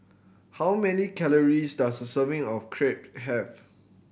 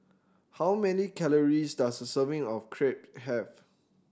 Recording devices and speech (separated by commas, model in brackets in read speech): boundary microphone (BM630), standing microphone (AKG C214), read sentence